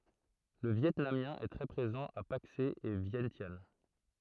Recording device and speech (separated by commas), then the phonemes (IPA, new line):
throat microphone, read sentence
lə vjɛtnamjɛ̃ ɛ tʁɛ pʁezɑ̃ a pakse e vjɛ̃sjan